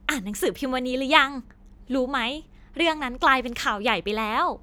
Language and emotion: Thai, happy